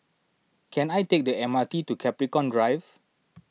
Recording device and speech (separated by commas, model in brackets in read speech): mobile phone (iPhone 6), read sentence